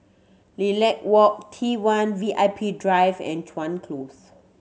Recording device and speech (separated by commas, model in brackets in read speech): mobile phone (Samsung C7100), read sentence